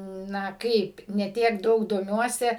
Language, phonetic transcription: Lithuanian, ˈna ˈkaip ne ˈtiek ˈdaug doˈmiuose

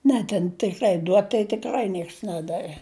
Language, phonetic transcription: Lithuanian, ˈne ten tikˈrai ˈduot tai tikˈrai ˈnieks ˈnedave

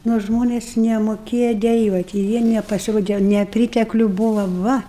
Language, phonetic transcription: Lithuanian, nu ˈžmonės nemoˈkėja deˈjuot' i ˈjie nepasiˈrode neˈprytekliu ˈbūva ˈva

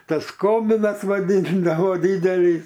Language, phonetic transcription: Lithuanian, ˈtas ˈkominas vaˈdyndavo ˈdydelys

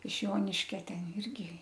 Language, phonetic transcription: Lithuanian, iš ˈjoniškia ˈten ˈirgi

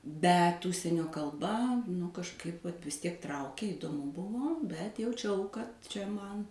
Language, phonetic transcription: Lithuanian, ˈbet ˈužsienio kalˈba nu kažˈkaip vat vis ˈtiek ˈtraukė idoˈmu ˈbuvo ˈbet jauˈčiau kad čia ˈman

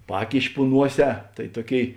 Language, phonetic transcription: Lithuanian, ˈpakiši pu ˈnuoˌsē tai ˈtuoˌkėi

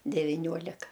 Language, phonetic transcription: Lithuanian, deviˈniuolika

